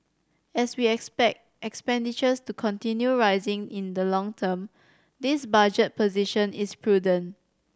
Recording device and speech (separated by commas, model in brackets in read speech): standing microphone (AKG C214), read sentence